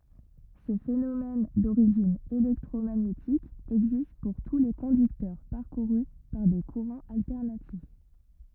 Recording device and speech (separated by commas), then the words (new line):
rigid in-ear microphone, read sentence
Ce phénomène d'origine électromagnétique existe pour tous les conducteurs parcourus par des courants alternatifs.